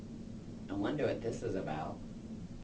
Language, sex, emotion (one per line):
English
female
neutral